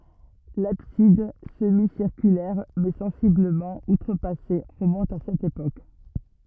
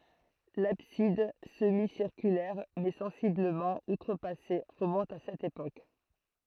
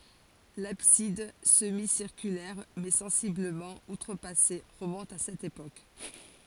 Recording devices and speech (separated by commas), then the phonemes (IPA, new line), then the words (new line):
rigid in-ear microphone, throat microphone, forehead accelerometer, read sentence
labsid səmisiʁkylɛʁ mɛ sɑ̃sibləmɑ̃ utʁəpase ʁəmɔ̃t a sɛt epok
L'abside, semi-circulaire mais sensiblement outrepassée, remonte à cette époque.